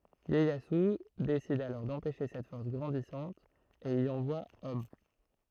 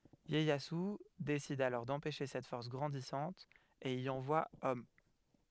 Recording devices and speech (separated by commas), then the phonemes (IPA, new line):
throat microphone, headset microphone, read sentence
jɛjazy desid alɔʁ dɑ̃pɛʃe sɛt fɔʁs ɡʁɑ̃disɑ̃t e i ɑ̃vwa ɔm